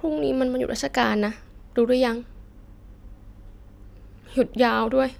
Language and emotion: Thai, sad